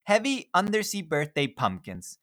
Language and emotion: English, happy